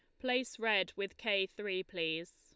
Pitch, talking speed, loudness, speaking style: 200 Hz, 165 wpm, -36 LUFS, Lombard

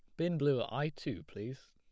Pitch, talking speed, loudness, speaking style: 135 Hz, 235 wpm, -36 LUFS, plain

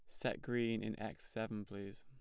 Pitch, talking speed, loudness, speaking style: 110 Hz, 200 wpm, -42 LUFS, plain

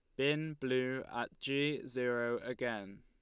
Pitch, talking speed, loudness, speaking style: 130 Hz, 130 wpm, -37 LUFS, Lombard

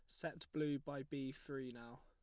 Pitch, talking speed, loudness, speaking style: 135 Hz, 200 wpm, -46 LUFS, plain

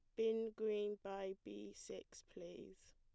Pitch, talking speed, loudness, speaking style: 195 Hz, 135 wpm, -46 LUFS, plain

